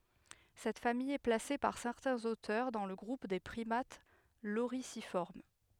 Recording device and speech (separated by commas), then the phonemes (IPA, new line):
headset microphone, read sentence
sɛt famij ɛ plase paʁ sɛʁtɛ̃z otœʁ dɑ̃ lə ɡʁup de pʁimat loʁizifɔʁm